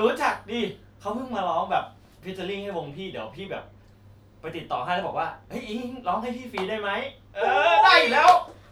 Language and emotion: Thai, happy